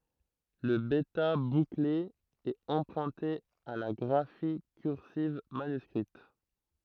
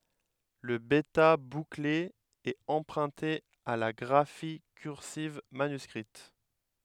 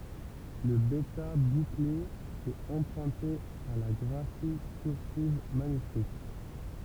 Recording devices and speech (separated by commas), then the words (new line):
throat microphone, headset microphone, temple vibration pickup, read sentence
Le bêta bouclé est emprunté à la graphie cursive manuscrite.